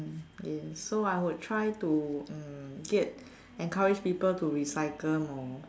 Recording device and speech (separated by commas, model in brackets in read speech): standing microphone, conversation in separate rooms